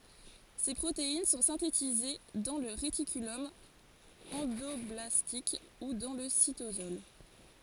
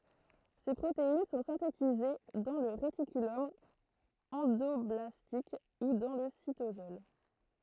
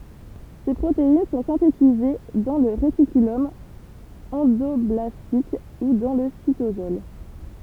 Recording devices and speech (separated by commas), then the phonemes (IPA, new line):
forehead accelerometer, throat microphone, temple vibration pickup, read sentence
se pʁotein sɔ̃ sɛ̃tetize dɑ̃ lə ʁetikylɔm ɑ̃dɔblastik u dɑ̃ lə sitosɔl